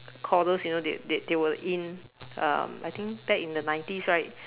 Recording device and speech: telephone, conversation in separate rooms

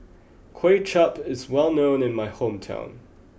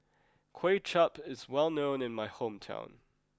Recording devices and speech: boundary microphone (BM630), close-talking microphone (WH20), read sentence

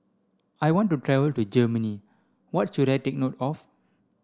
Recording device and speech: standing microphone (AKG C214), read sentence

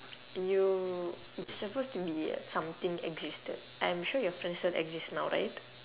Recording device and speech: telephone, conversation in separate rooms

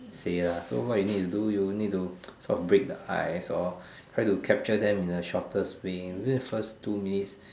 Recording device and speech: standing microphone, conversation in separate rooms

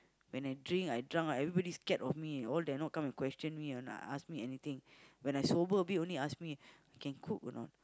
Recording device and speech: close-talking microphone, conversation in the same room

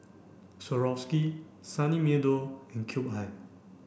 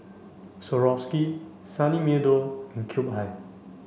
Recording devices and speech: boundary microphone (BM630), mobile phone (Samsung C5), read sentence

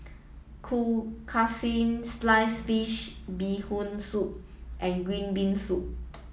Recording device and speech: mobile phone (iPhone 7), read sentence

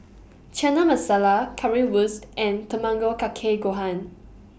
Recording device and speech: boundary microphone (BM630), read sentence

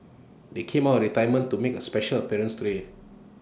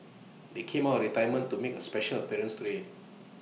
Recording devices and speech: standing microphone (AKG C214), mobile phone (iPhone 6), read sentence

